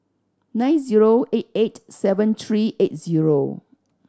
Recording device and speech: standing microphone (AKG C214), read sentence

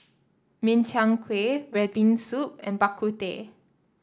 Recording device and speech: standing microphone (AKG C214), read sentence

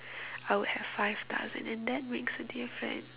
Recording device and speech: telephone, conversation in separate rooms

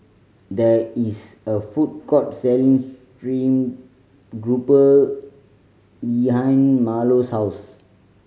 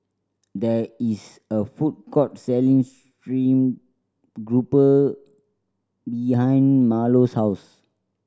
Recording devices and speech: mobile phone (Samsung C5010), standing microphone (AKG C214), read sentence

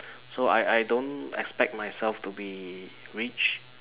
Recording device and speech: telephone, conversation in separate rooms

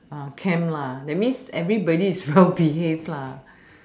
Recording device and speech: standing microphone, conversation in separate rooms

